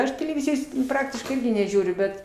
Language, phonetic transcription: Lithuanian, ˈaš teleˈvizijos ˈpraktiškai ˈirgi neˈžiūriu ˈbet

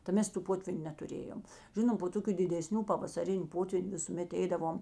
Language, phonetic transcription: Lithuanian, ta ˈmes tų ˈpotvyniu netuˈrėjom ˈžinom po ˈtokiu dideˈsnių pavasaˈrin' ˈpotvyn' visuˈmet ˈeidavom

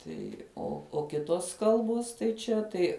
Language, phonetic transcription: Lithuanian, ˈtai o o ˈkitos ˈkalbos tai ˈčia tai

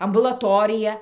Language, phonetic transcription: Lithuanian, ambulaˈtorija

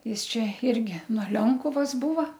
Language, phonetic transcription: Lithuanian, ˈjis ˈčia ˈirgi nuo ˈlionkuvas ˈbūva

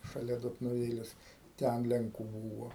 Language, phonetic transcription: Lithuanian, šaˈlia dotnuˈvėles ˈten lenˈkų ˈbūva

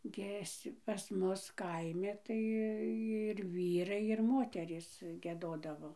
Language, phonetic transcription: Lithuanian, ˈgies pas ˈmus ˈkaimi ˈtai ir ˈvyrai ir ˈmoterys gieˈdodavo

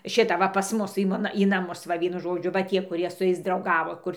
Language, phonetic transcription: Lithuanian, ˈšita va pas ˈmus i ˈmona į naˈmus ˈva ˈvienu ˈžodžiu va ˈtie kuˈrie su ˈjais drauˈgavo ˈkur

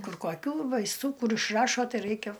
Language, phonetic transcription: Lithuanian, ˈkur koˈkių vaisˈtų ˈkur išˈrašo ˈtai ˈraikia

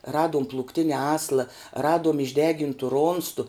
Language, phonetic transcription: Lithuanian, ˈraduom plūkˈtine ˈasla ˈraduom išˈdegintu ˈronstu

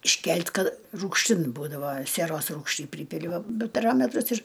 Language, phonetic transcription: Lithuanian, išˈkelt' ˈkad rūgšˈtin ˈbūdava sieˈros ˈrūgšty ˈprypili ˈva bi paˈrametrus ir

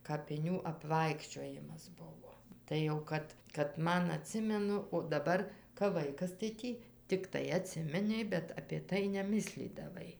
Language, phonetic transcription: Lithuanian, kapiˈnių apˈvaikščiojimas ˈbuvo ˈtai jau ˈkad kad ˈman aˈtsimenu o daˈbar kap ˈvaikas tai ˈtį tikˈtai aˈtsiminei bet apė ˈtai neˈmislydavai

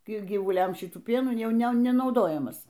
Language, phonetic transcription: Lithuanian, ˈkai gyvuˈliamˈšitų ˈpienų ˈjau ˈne nenauˈdojamas

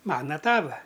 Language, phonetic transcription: Lithuanian, ˈmana ˈtava

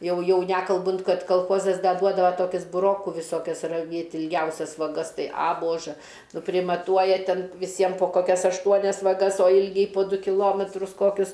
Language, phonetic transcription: Lithuanian, ˈjau ˈjau ˈnekalbunt ˈkad kalˈchozas ˈda ˈduodava ˈtokis buˈroku viˈsokias raˈvėt' ilˈgiausias vaˈgas ˈtai a ˈbožɘ nu primaˈtuoja ˈten viˈsiem po ˈkokias ašˈtuonias vaˈgas o ˈilgiai po ˈdu kiˈlometrus ˈkokius

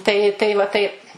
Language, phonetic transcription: Lithuanian, ˈtai tai va ˈtaip

